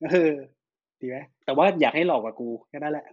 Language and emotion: Thai, happy